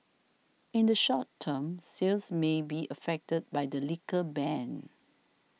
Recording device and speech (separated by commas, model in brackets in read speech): mobile phone (iPhone 6), read sentence